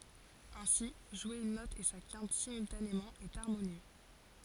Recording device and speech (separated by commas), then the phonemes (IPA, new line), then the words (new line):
forehead accelerometer, read sentence
ɛ̃si ʒwe yn nɔt e sa kɛ̃t simyltanemɑ̃ ɛt aʁmonjø
Ainsi, jouer une note et sa quinte simultanément est harmonieux.